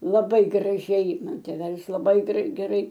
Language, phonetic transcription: Lithuanian, laˈbai graˈžiai ˈman tėˈvelis laˈbai grei geˈrai

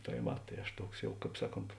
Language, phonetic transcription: Lithuanian, tai ˈva ˈtai aš ˈtuoks ˈjau ˈkāp ˈsaˌkont

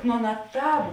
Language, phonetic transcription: Lithuanian, nu ˈaˌna ˈtāp

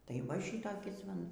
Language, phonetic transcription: Lithuanian, tai va ˈšytokis va ˈnu

